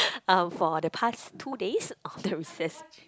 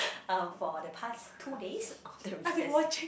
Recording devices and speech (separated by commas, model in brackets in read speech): close-talking microphone, boundary microphone, conversation in the same room